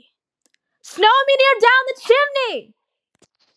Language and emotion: English, fearful